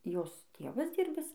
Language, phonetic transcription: Lithuanian, ˈjos ˈtėvas ˈdyrbis

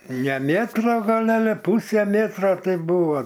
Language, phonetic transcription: Lithuanian, ne ˈmėtro ˈgal ˈale ˈpūse ˈmėtro ˈtai ˈbūvo

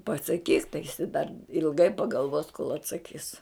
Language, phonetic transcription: Lithuanian, pasaˈkyk tai jiˈsai dar ilˈgai pagalˈvos kol atsaˈkys

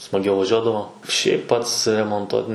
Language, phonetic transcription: Lithuanian, smaˈgiau vaˈžiuodavo šiaip ˈpats remonˈtuot n

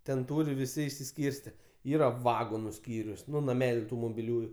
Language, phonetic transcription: Lithuanian, ten ˈtūri viˈsi išsiˈskyrste ˈyra ˈvagonu ˈskyrius ˈnu naˈmeliu ˈtų mobiˈliųju

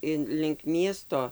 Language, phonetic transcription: Lithuanian, ˈin link ˈmiesto

